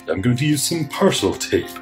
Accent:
American accent